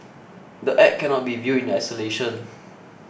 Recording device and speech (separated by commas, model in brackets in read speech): boundary microphone (BM630), read sentence